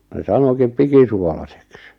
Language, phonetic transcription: Finnish, ne 'sanokip 'pikisuolaseks .
- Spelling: ne sanoikin pikisuolaiseksi

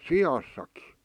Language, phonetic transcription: Finnish, si₍assaki .
- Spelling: siassakin

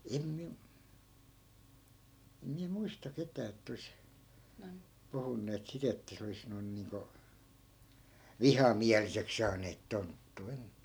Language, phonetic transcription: Finnish, 'em miä- , em miä 'muista 'ketää ett ‿ois , 'puhunneet 'sit ‿että 'se olis 'noi̮n niiŋko , "vihamiälisek 'saaneet 'tonttuu em- ,.
- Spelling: en minä en minä muista ketään että olisi puhuneet sitä että se olisi noin niin kuin vihamieliseksi saaneet tonttua -

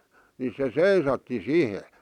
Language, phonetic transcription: Finnish, ni se "seisatti "sihe .
- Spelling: niin se seisahti siihen

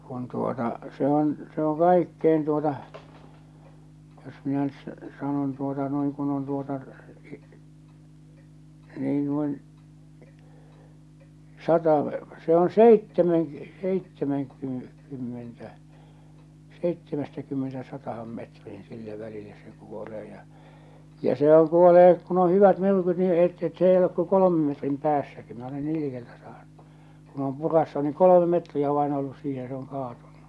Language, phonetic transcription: Finnish, kun tuota , se ‿on , se o 'kaikkein tuota , jos minä nyt s- , sanon tuota noiŋ kun ‿on tuota , nii nuin , "sata , se on "seittemen- , 'seittemeŋky- , 'kymmentä , 'seittemɛstäkymmenestä 'satahan metriin 'sillä välillä se 'kuolee ja , ja 'sehäŋ kuolee , kun ‿o 'hyvät 'myrkyt ni seitt- 's ‿ei olek ko 'kolomem metrim 'päässäki minä ole 'nii likeltä saaɴɴᴜ , kun ‿om 'purassu ni 'kolome metriä vain ollus siihe se oŋ 'kaatunnu .
- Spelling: kun tuota se on se on kaikkein tuota jos minä nyt - sanon tuota noin kun on tuota niin noin sata se on - - seitsemänkymmentä seitsemästäkymmenestä sataan metriin sillä välillä se kuolee ja ja sehän kuolee kun on hyvät myrkyt niin - se ei ole kuin kolmen metrin päässäkin minä olen niin likeltä saanut kun on puraissut niin kolme metriä vain ollut siihen se on kaatunut

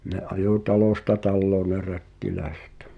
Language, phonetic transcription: Finnish, ne 'ajò "talòsta 'talloo ne "rättiläesᴇt .
- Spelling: ne ajoi talosta taloon ne rättiläiset

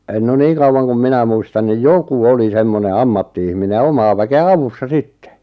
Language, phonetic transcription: Finnish, no 'niiŋ kauwan kum 'minä muistan nij "joku 'oli 'semmone "ammatti₍ihmine ʲᵃ "omaa väke₍ä "avussa "sittᴇ .
- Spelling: no niin kauan kuin minä muistan niin joku oli semmoinen ammatti-ihminen ja omaa väkeä avussa sitten

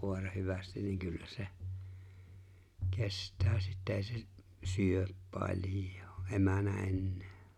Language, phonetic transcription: Finnish, 'kòera 'hyvästin niŋ kyllä 'se , 'kest̀ää sittä 'e̬e̬ se , 'syöp 'paĺ̀j̀oo , '’emänä 'ennᴇᴇ .
- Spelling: koira hyvästi niin kyllä se kestää sitten ei se syö paljoa emänä enää

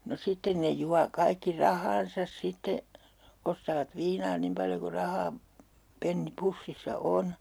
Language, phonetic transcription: Finnish, no 'sitten ne 'jua 'kaikki "rahaan̬sas 'sitte , ostaavat 'viinaa 'nim paljo ku 'rahaa- , '-penni 'pussissa "on .
- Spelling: no sitten ne juo kaikki rahansa sitten ostavat viinaa niin paljon kuin rahaa penni pussissa on

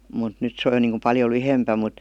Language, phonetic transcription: Finnish, mut 'nyt se oj (jo) niiŋku paljo "lyhempä mut ,.
- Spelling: mutta nyt se on jo niin kuin paljon lyhyempi mutta

